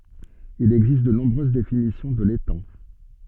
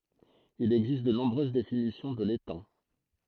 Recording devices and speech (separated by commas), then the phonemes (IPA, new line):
soft in-ear microphone, throat microphone, read sentence
il ɛɡzist də nɔ̃bʁøz definisjɔ̃ də letɑ̃